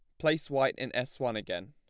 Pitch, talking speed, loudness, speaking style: 130 Hz, 240 wpm, -32 LUFS, plain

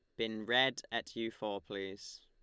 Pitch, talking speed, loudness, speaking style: 110 Hz, 180 wpm, -36 LUFS, Lombard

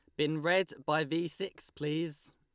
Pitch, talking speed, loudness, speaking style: 155 Hz, 165 wpm, -33 LUFS, Lombard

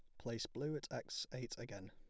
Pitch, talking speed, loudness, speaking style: 115 Hz, 210 wpm, -46 LUFS, plain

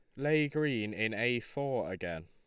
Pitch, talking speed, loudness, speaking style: 120 Hz, 175 wpm, -33 LUFS, Lombard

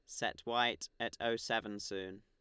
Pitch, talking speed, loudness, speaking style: 105 Hz, 180 wpm, -37 LUFS, Lombard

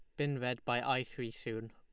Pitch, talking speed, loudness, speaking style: 120 Hz, 235 wpm, -37 LUFS, Lombard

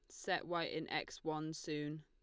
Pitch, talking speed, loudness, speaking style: 155 Hz, 200 wpm, -42 LUFS, Lombard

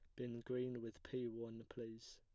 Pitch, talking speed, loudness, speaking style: 120 Hz, 185 wpm, -48 LUFS, plain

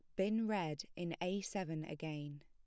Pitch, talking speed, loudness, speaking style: 175 Hz, 160 wpm, -41 LUFS, plain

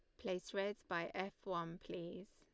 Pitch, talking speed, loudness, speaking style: 185 Hz, 170 wpm, -45 LUFS, Lombard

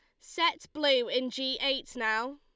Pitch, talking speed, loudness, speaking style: 265 Hz, 165 wpm, -29 LUFS, Lombard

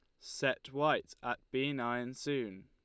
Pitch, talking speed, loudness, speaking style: 130 Hz, 150 wpm, -36 LUFS, Lombard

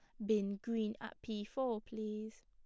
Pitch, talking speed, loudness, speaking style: 215 Hz, 165 wpm, -40 LUFS, plain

